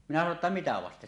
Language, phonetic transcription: Finnish, 'minä sano ‿tta » 'mitä vaste « .
- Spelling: minä sanoin jotta mitä vasten

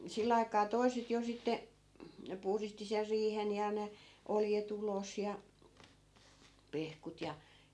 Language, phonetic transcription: Finnish, 'sill ‿ai̮kaa "toi̮set jo 'sitte , 'puhristi ser 'riihen ja ne , 'olje't ‿ulos ja , 'pehkut ja .
- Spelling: sillä aikaa toiset jo sitten puhdisti sen riihen ja ne oljet ulos ja pehkut ja

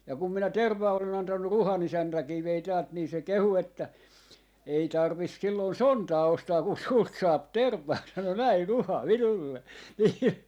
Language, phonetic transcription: Finnish, ja kum minä 'tervvaa olen antannu 'Ruha'n ‿isäntäkii vei 'täält nii se "kehu että » ei 'tarvis 'sillon "sontaa 'ostaa kun 'sult saap "terv̆vaa » sano näi 'Ruha 'minulle , nii .
- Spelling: ja kun minä tervaa olen antanut Ruhan isäntäkin vei täältä niin se kehui että ei tarvitse silloin sontaa ostaa kun sinulta saa tervaa sanoi näin Ruha minulle niin

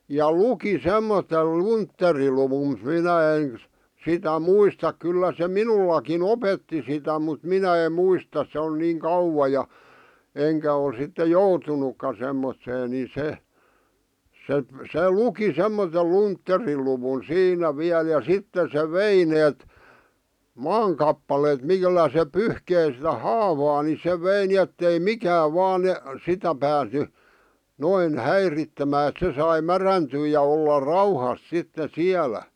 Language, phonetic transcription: Finnish, ja "luki 'semmotel "luntteriluwum mᵘʰ̳ 'minä en , sitä "muistak 'kyllä se "minullaki"n ‿opetti sitä mut "minä em̆ "muistas se on niiŋ "kauwa ja , 'eŋkä o(l) sitte "joutunukka 'semm(ottee) ni 'se , 'se , "se "luki 'semmotel "luntteriluwun "siinä 'viäl ja 'sitte se "vei 'neet , "maaŋ kappaleet 'millä se 'pyhkei sⁱtä "haavaa ni se 'vei ni ettei "mikääv 'vaan ne- , 'sitä pääsny , 'noin , "häirittemää et sai "märäntyy ja olla 'rauhas sitte "siälä .
- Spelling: ja luki semmoisen luntteriluvun mutta minä en sitä muista kyllä se minullakin opetti sitä mutta minä en muista se on niin kauan ja enkä ole sitten joutunutkaan semmoiseen niin se se se luki semmoisen luntteriluvun siinä vielä ja sitten se vei ne maan kappaleet millä se pyyhki sitä haavaa niin se vei niin että ei mikään vain - sitä päässyt noin häiritsemään että sai mädäntyä ja olla rauhassa sitten siellä

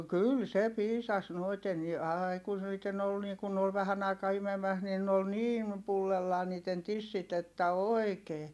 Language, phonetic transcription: Finnish, kyl se piisas noiten ni aai kun niitten ‿ol nii kun ne ol vähän ‿aikaa imemäs niin n ‿ol niin , pullellaa niit̆ten tissit ‿että oi̮kee .
- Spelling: kyllä se piisasi noiden niin aina kun niiden oli niin kun ne oli vähän aikaa imemässä niin ne oli niin pullollaan niiden tissit että oikein

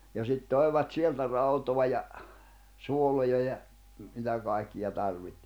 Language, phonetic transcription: Finnish, ja sit 'tòi̬vat 'sieltä 'rautoa ja , 'suoloja ja , mitä 'kàikki ja tarviht .
- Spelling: ja sitten toivat sieltä rautaa ja suoloja ja mitä kaikkia - tarvitsi

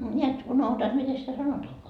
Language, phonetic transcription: Finnish, ńiät 'unohuta et 'mite sitä "sanotoakoa .
- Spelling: näet unohdutan et miten sitä sanotaankaan

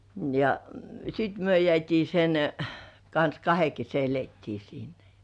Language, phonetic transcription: Finnish, ja sit myö jĕä̀t́ii sen , kans kahe kese elettii siinä jᴀ .
- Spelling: ja sitten me jäätiin sen kanssa kahden kesken elettiin siinä ja

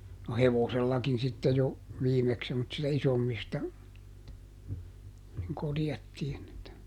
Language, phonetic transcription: Finnish, no "hevosellakin sitte jo , ˈviimeks semmotsista ˈisommista , niŋ ˈkorjattiin että ,.
- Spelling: no hevosellakin sitten jo viimeksi semmoisista isommista niin korjattiin että

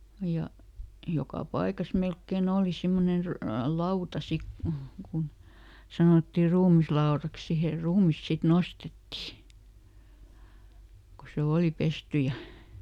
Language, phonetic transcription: Finnish, ja , ˈjoka ˈpaikas ˈmelkke"n ‿òli ˈsimmonen ry- , "lauta ˈsik ku , kun , ˈsanòtti ˈruumis"laoraks ˈsihèr ˈruumis sit "nostetti , ko se ˈooli ˈpesty ja ,.
- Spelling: ja joka paikassa melkein oli semmoinen - lauta sitten kun kun sanottiin ruumislaudaksi siihen ruumis sitten nostettiin kun se oli pesty ja

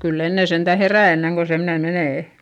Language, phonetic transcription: Finnish, kyll ‿enne sentä herä̀ enneŋ ko semne menè .
- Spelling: kyllä ennen sentään herää ennen kuin semmoinen menee

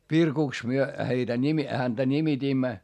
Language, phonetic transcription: Finnish, Virkùks myö , heitä nimi- , häntä ńimitiimmä .
- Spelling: Virkuksi me heitä - häntä nimitimme

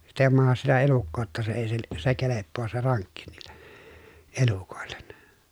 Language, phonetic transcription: Finnish, sit ‿ei mahas sitä elukkoo ‿tta se èi sil- , se keleppoos se raŋkki niiLLE , elukòellen .
- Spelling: sitä ei mahda sitä elukkaa jotta se ei - se kelpaa se rankki niille elukoille

